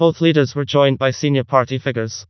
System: TTS, vocoder